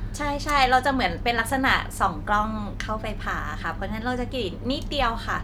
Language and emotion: Thai, neutral